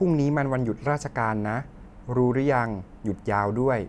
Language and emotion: Thai, neutral